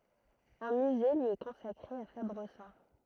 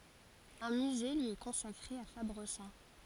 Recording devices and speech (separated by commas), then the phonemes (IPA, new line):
throat microphone, forehead accelerometer, read sentence
œ̃ myze lyi ɛ kɔ̃sakʁe a fabʁəzɑ̃